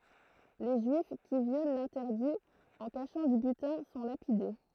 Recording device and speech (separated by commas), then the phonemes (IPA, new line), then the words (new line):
throat microphone, read sentence
le ʒyif ki vjol lɛ̃tɛʁdi ɑ̃ kaʃɑ̃ dy bytɛ̃ sɔ̃ lapide
Les Juifs qui violent l'interdit en cachant du butin sont lapidés.